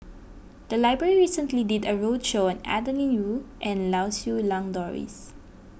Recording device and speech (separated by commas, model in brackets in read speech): boundary microphone (BM630), read sentence